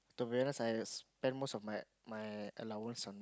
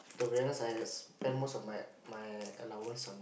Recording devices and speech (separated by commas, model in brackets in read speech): close-talking microphone, boundary microphone, conversation in the same room